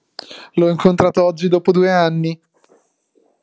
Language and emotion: Italian, happy